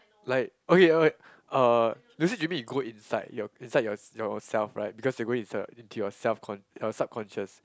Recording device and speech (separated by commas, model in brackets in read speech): close-talking microphone, conversation in the same room